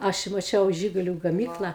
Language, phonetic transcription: Lithuanian, ˈaš i maˈčiau ˈžiguliu gaˈmykla

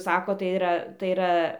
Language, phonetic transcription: Lithuanian, ˈsakot tai iˈra tai iˈra

